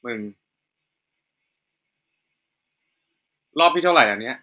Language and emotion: Thai, frustrated